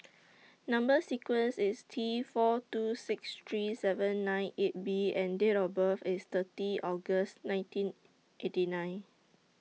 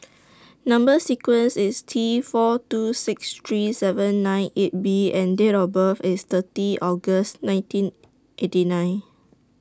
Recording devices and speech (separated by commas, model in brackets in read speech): mobile phone (iPhone 6), standing microphone (AKG C214), read sentence